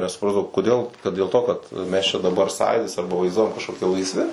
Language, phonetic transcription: Lithuanian, nesuˈprasdavau koˈdėl kad dėl ˈto kad ˈmes čia daˈbar ˈsąjūdis ˈarba vaizˈduojam kažkoˈki laisˈvi

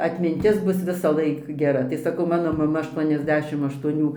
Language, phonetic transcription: Lithuanian, atminˈtis ˈbus visaˈlaik geˈra tai saˈkau ˈmano maˈma ašˌtuoniasˈdešim aštuoˈnių

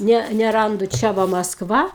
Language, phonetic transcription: Lithuanian, ˈne neˈrandu ˈčia va masˈkva

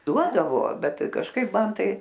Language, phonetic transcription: Lithuanian, ˈduodavo ˈbet kažˈkaip ˈman ˈtai

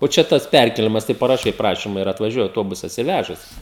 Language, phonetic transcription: Lithuanian, o ˈčia ˈtas ˈpærkėlimas tai paraˈšai ˈprašyma ir atvaˈžiuoja auˈtobusas ir ˈvæžas

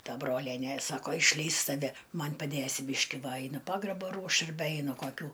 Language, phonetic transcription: Lithuanian, ˈta ˈbrolienė ˈsako išˈleis taˈve ˈman' paˈdėsi ˈbyški ˈva ˈainu ˈpagrabo ˈruošt arˈbe ˈeinu koˈkių

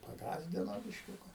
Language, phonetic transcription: Lithuanian, paˈgąsdino bišˈkiuka

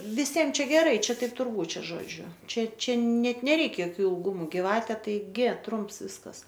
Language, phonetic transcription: Lithuanian, viˈsiem ˈčia geˈrai ˈčia ˈtaip ˈtur ˈbūt ˈčiaˈžodžiu ˈčia ˈčia ˈnet neˈreik joˈkių ilˈgumu giˈvate taiˈgi ˈtrumps ˈviskas

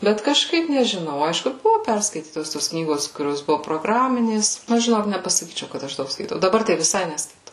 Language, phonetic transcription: Lithuanian, ˈbet kažˈkaip nežiˈnau ˈaišku ˈbuvo ˈperskaitytos tos ˈknygos kuˈrios ˈbuvo proˈgraminės aš žiˈnok nepasaˈkyčiau kad ˈaš ˈdaug skaiˈtau daˈbar tai viˈsai neskaiˈtau

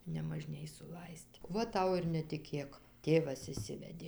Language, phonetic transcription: Lithuanian, nemaˈžnėj suˈlais't' ˈva ˈtau ir netiˈkėk ˈtėvas išˈsivedė

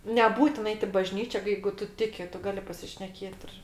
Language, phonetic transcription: Lithuanian, neˈbūtin ˈait i bažnyčia ˈjeigu ˈtu ˈtiki ˈtu ˈgali pasišneˈkėt ir

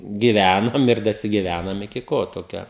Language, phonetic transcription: Lithuanian, giˈvænom ir dasigiˈvænom iki ˈko toˈkio

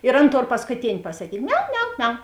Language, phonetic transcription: Lithuanian, ir ˈan ˈtor paskuˈtėn' pasakyt' ˈmiau ˈmiau ˈmiau

